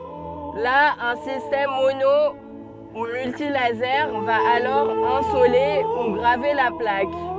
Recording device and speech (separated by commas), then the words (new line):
soft in-ear microphone, read sentence
Là, un système mono ou multilasers va alors insoler ou graver la plaque.